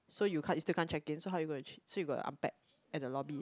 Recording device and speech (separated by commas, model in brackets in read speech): close-talking microphone, conversation in the same room